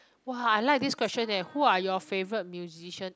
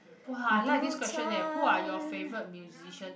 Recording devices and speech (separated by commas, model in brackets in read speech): close-talking microphone, boundary microphone, conversation in the same room